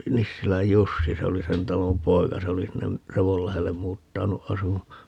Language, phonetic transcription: Finnish, 'Nissiläj "Jussi - 'se oli "sen 'talom "poika - 'se oli 'sinne , "Revollahellem 'muuttanu 'asu(maa) .
- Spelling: Nissilän Jussi se oli sen talon poika se oli sinne Revonlahdelle muuttanut asumaan

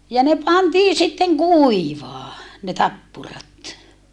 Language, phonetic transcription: Finnish, ja ne pantii sitteŋ kùivaa , ne tappurat .
- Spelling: ja ne pantiin sitten kuivamaan ne tappurat

